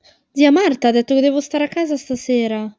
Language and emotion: Italian, sad